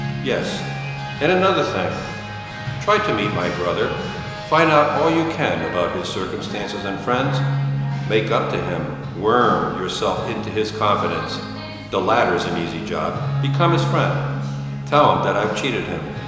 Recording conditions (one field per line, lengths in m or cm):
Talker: one person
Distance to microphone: 1.7 m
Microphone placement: close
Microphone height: 1.0 m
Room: very reverberant, large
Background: music